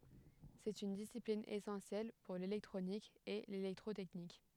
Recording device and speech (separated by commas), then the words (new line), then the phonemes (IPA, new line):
headset microphone, read sentence
C'est une discipline essentielle pour l'électronique et l'électrotechnique.
sɛt yn disiplin esɑ̃sjɛl puʁ lelɛktʁonik e lelɛktʁotɛknik